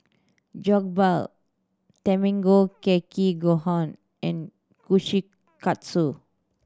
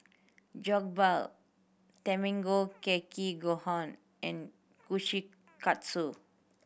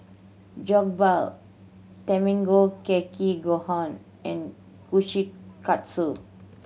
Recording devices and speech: standing microphone (AKG C214), boundary microphone (BM630), mobile phone (Samsung C7100), read sentence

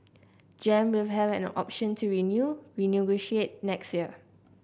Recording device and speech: boundary microphone (BM630), read sentence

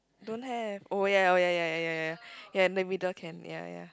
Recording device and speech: close-talking microphone, conversation in the same room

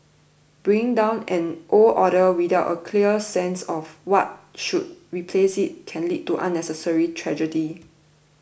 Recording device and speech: boundary microphone (BM630), read sentence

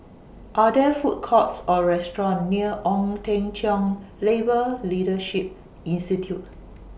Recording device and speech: boundary microphone (BM630), read sentence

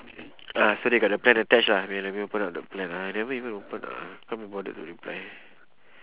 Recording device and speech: telephone, conversation in separate rooms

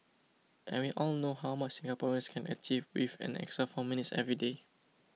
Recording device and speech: mobile phone (iPhone 6), read sentence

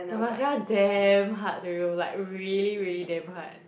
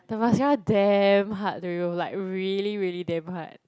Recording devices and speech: boundary microphone, close-talking microphone, conversation in the same room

